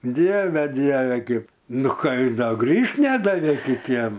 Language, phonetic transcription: Lithuanian, ˈdieve ˈdieve ˈkaip ˈnu ˈką ir ˈda ˈgrįžt ˈnedavė kiˈtiem

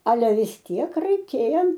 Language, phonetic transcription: Lithuanian, aˈle vis ˈtiek raiˈkėja

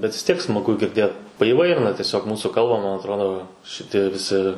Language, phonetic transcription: Lithuanian, bet vis ˈtiek smaˈgu girˈdėt paįˈvairina tieˈsiog ˈmūsų ˈkalba man atˈrodo šiˈtie viˈsi

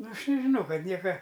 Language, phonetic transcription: Lithuanian, ˈnu ˈaš nežiˈnau ˈkad ˈnieka

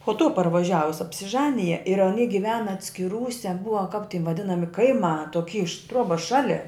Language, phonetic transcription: Lithuanian, po tų parvaˈžiavus apsiˈžanija ir aˈny giˈvena atskiˈrūse ˈbua kap ti vaˈdinami kaiˈmā toˈky iš ˈtruobas ˈšali

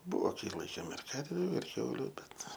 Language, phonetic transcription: Lithuanian, ˈbuvo ˈkai ˈlaikėm ir ˈkarviu ir ˈkiauliu ˈbet

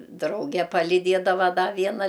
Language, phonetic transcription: Lithuanian, ˈdrauge paliˈdiedava ˈda ˈviena

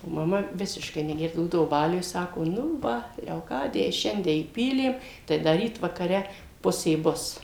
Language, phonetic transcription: Lithuanian, o maˈma ˈvisiškai neˈgerdavo ˈbūdavo ˈbaliuj ˈsako nu ˈva leoˈkadijai ˈšiandie įˈpylėm tai ˈda ˈryt vakaˈre ˈpusė ˈbus

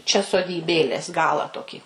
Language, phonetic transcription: Lithuanian, čia sodyˈbėlės ˈgalą ˈtokį

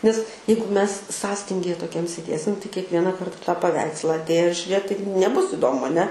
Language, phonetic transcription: Lithuanian, nes ˈjeigu mes ˈsąstingije toˈkiam sėˈdėsim tai kiekˈviena ˈkarta tą paˈveiksla atˈėjus žiuˈrėt tai neˈbus iˈdomu aˈne

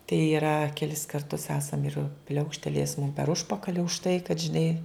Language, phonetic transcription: Lithuanian, tai iˈra keˈlis karˈtus ˈesam ir ˈpliaukštelėjes mum per ˈužpakali už tai kad žiˈnai

